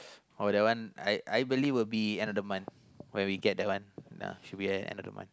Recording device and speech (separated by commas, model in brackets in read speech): close-talking microphone, conversation in the same room